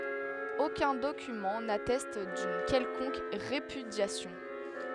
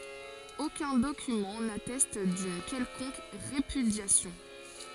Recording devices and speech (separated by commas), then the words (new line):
headset microphone, forehead accelerometer, read sentence
Aucun document n'atteste d'une quelconque répudiation.